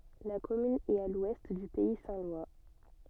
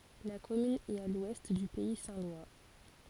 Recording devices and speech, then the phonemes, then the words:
soft in-ear microphone, forehead accelerometer, read sentence
la kɔmyn ɛt a lwɛst dy pɛi sɛ̃ lwa
La commune est à l'ouest du pays saint-lois.

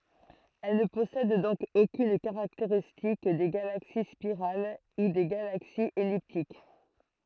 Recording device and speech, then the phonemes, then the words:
throat microphone, read sentence
ɛl nə pɔsɛd dɔ̃k okyn kaʁakteʁistik de ɡalaksi spiʁal u de ɡalaksiz ɛliptik
Elles ne possèdent donc aucune caractéristique des galaxies spirales ou des galaxies elliptiques.

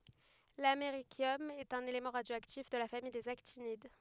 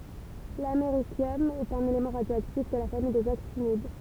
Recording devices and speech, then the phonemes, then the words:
headset microphone, temple vibration pickup, read sentence
lameʁisjɔm ɛt œ̃n elemɑ̃ ʁadjoaktif də la famij dez aktinid
L’américium est un élément radioactif de la famille des actinides.

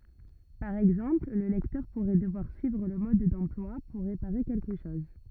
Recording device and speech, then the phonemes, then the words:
rigid in-ear microphone, read sentence
paʁ ɛɡzɑ̃pl lə lɛktœʁ puʁɛ dəvwaʁ syivʁ lə mɔd dɑ̃plwa puʁ ʁepaʁe kɛlkə ʃɔz
Par exemple, le lecteur pourrait devoir suivre le mode d'emploi pour réparer quelque chose.

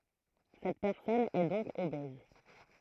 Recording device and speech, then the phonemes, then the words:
throat microphone, read sentence
sɛt pɛʁsɔn ɛ dɔ̃k obɛz
Cette personne est donc obèse.

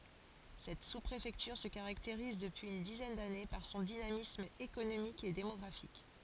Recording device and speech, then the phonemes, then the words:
forehead accelerometer, read sentence
sɛt suspʁefɛktyʁ sə kaʁakteʁiz dəpyiz yn dizɛn dane paʁ sɔ̃ dinamism ekonomik e demɔɡʁafik
Cette sous-préfecture se caractérise, depuis une dizaine d'années, par son dynamisme économique et démographique.

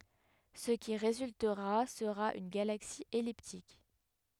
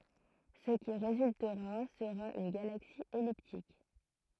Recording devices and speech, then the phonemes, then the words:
headset microphone, throat microphone, read sentence
sə ki ʁezyltəʁa səʁa yn ɡalaksi ɛliptik
Ce qui résultera sera une galaxie elliptique.

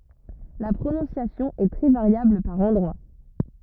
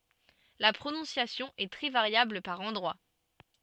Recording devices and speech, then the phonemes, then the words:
rigid in-ear microphone, soft in-ear microphone, read sentence
la pʁonɔ̃sjasjɔ̃ ɛ tʁɛ vaʁjabl paʁ ɑ̃dʁwa
La prononciation est très variable par endroits.

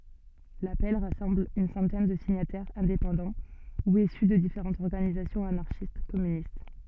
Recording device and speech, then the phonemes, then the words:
soft in-ear microphone, read sentence
lapɛl ʁasɑ̃bl yn sɑ̃tɛn də siɲatɛʁz ɛ̃depɑ̃dɑ̃ u isy də difeʁɑ̃tz ɔʁɡanizasjɔ̃z anaʁʃistɛskɔmynist
L'appel rassemble une centaine de signataires indépendants ou issus de différentes organisations anarchistes-communistes.

